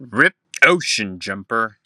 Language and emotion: English, angry